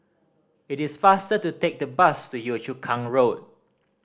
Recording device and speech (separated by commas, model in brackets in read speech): standing microphone (AKG C214), read sentence